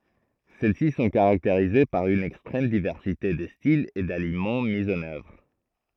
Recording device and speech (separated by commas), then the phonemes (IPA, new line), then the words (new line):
throat microphone, read sentence
sɛl si sɔ̃ kaʁakteʁize paʁ yn ɛkstʁɛm divɛʁsite də stilz e dalimɑ̃ mi ɑ̃n œvʁ
Celles-ci sont caractérisées par une extrême diversité de styles et d'aliments mis en œuvre.